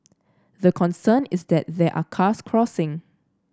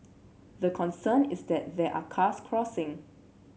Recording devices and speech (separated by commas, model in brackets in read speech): standing microphone (AKG C214), mobile phone (Samsung C7), read sentence